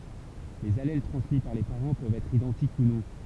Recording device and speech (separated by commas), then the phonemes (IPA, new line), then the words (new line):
temple vibration pickup, read sentence
lez alɛl tʁɑ̃smi paʁ le paʁɑ̃ pøvt ɛtʁ idɑ̃tik u nɔ̃
Les allèles transmis par les parents peuvent être identiques ou non.